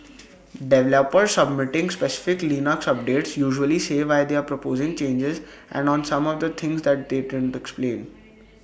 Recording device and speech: boundary microphone (BM630), read sentence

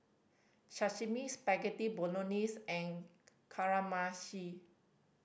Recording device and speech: boundary microphone (BM630), read sentence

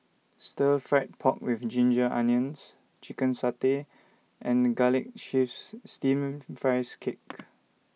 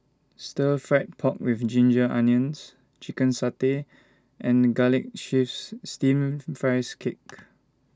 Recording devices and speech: mobile phone (iPhone 6), standing microphone (AKG C214), read sentence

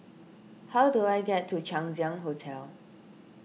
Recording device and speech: mobile phone (iPhone 6), read sentence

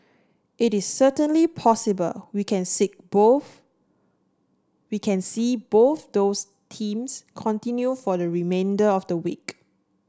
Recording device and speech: standing microphone (AKG C214), read sentence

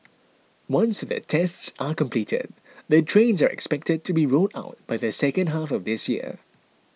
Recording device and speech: mobile phone (iPhone 6), read sentence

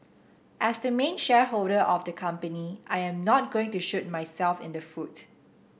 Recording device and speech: boundary microphone (BM630), read sentence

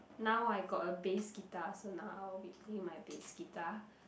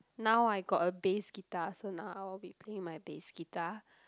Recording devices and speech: boundary microphone, close-talking microphone, conversation in the same room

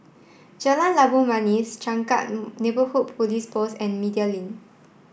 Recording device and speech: boundary microphone (BM630), read sentence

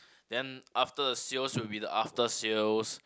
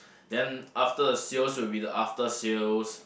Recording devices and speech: close-talking microphone, boundary microphone, conversation in the same room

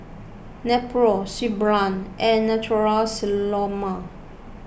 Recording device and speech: boundary microphone (BM630), read sentence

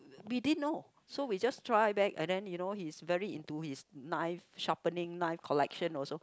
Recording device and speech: close-talking microphone, conversation in the same room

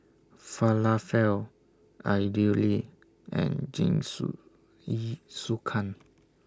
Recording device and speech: standing microphone (AKG C214), read sentence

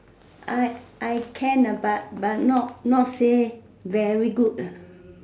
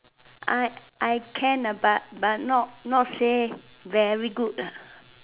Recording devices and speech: standing microphone, telephone, conversation in separate rooms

